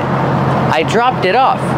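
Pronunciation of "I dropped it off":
In 'dropped it off', the t sound at the end of 'dropped' links into 'it', and the t in 'it' sounds like a fast d that runs into 'off'.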